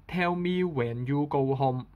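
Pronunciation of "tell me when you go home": This sentence is said in Hong Kong English, and 'when' is on a mid tone, not a high tone.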